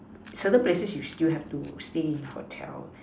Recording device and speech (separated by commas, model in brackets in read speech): standing microphone, conversation in separate rooms